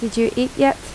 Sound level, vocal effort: 78 dB SPL, soft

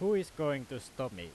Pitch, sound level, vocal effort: 135 Hz, 96 dB SPL, very loud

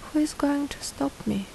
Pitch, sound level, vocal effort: 275 Hz, 71 dB SPL, soft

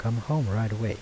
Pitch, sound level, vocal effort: 110 Hz, 79 dB SPL, soft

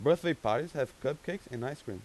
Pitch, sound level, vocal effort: 145 Hz, 91 dB SPL, loud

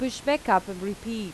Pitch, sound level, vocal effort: 210 Hz, 85 dB SPL, normal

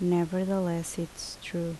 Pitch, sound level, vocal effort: 175 Hz, 75 dB SPL, normal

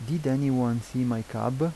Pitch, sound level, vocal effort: 125 Hz, 83 dB SPL, soft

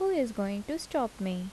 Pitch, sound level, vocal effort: 230 Hz, 78 dB SPL, soft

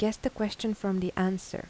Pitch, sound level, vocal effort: 195 Hz, 81 dB SPL, soft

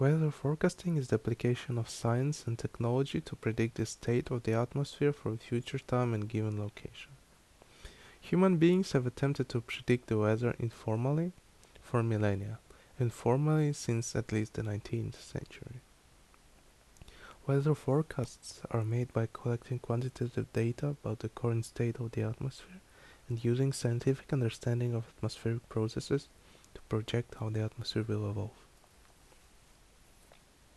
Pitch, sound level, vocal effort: 120 Hz, 72 dB SPL, soft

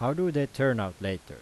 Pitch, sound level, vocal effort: 135 Hz, 89 dB SPL, loud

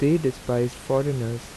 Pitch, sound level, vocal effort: 130 Hz, 82 dB SPL, normal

